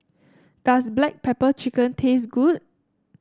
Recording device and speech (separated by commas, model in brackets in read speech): standing microphone (AKG C214), read sentence